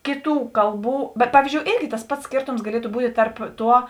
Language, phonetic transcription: Lithuanian, ˈkėˌtų ˈkalˌbų bet ˈpavyzdžiou ˈėrgi tas ˈpats ˈskėrtoms gaˈlietu ˈbūtė ˈtarp ˈtuo

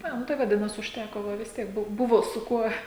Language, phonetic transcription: Lithuanian, ˈa ˈnu tai vaˈdinas užˈtæko ˈva vis ˈtiek ˈbu ˈbuvo su ˈkuo

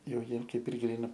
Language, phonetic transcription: Lithuanian, ˈjau ˈjiem ˈkaip ir ˈgryna

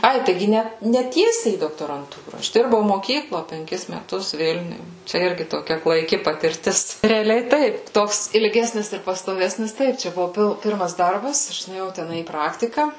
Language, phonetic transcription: Lithuanian, ˈai taiˈgi ˈne ne ˈtiesiai į doktoranˈtūra ˈaš ˈdirbau moˈkyklo penˈkis meˈtus ˈvilniuj ˈčia ˈirgi toˈkia klaiˈki patirˈtis reaˈliai ˈtaip ˈtoks ilˈgesnis ir pastoˈvesnis ˈtaip čia ˈbuvu ˈpil ˈpirmas ˈdarbas ˈaš nuėˈjau teˈnai į ˈpraktika

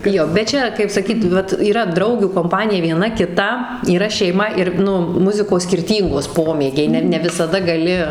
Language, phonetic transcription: Lithuanian, ˈjo bet ˈčia kaip saˈkyt ˈvat yˈra ˈdraugių komˈpanija vieˈna kiˈta yˈra šeiˈma ir ˈnu ˈmuzikos skirˈtyngos ˈpomėgiai ˈne ne visaˈda gaˈli

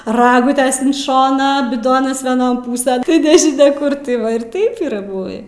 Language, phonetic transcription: Lithuanian, ˈragutes in ˈšoną biˈdonas vieˈnon ˈpūsen tai nežiˈnia ˈkur tai ˈva ir ˈtaip yˈra ˈbuvį

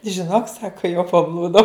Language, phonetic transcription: Lithuanian, žiˈnok ˈsaka jau paˈblūdau

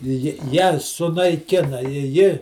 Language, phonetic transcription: Lithuanian, ˈji ją sunaiˈkina i ˈji

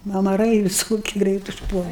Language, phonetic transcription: Lithuanian, amaˈrai viˈsoki ˈgreit užˈpuola

